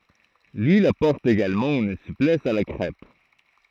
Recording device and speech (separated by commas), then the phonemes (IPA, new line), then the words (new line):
throat microphone, read sentence
lyil apɔʁt eɡalmɑ̃ yn suplɛs a la kʁɛp
L'huile apporte également une souplesse à la crêpe.